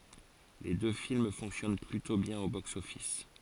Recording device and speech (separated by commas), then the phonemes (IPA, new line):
forehead accelerometer, read sentence
le dø film fɔ̃ksjɔn plytɔ̃ bjɛ̃n o boksɔfis